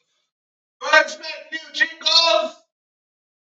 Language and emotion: English, angry